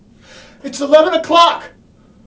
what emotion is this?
fearful